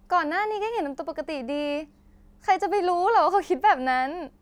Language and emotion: Thai, happy